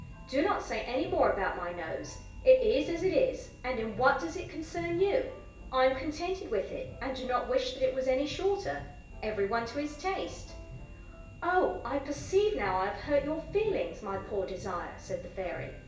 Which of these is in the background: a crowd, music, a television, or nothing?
Music.